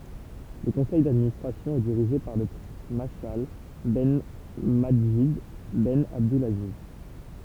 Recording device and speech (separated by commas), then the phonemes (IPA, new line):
temple vibration pickup, read sentence
lə kɔ̃sɛj dadministʁasjɔ̃ ɛ diʁiʒe paʁ lə pʁɛ̃s maʃal bɛn madʒid bɛn abdylaziz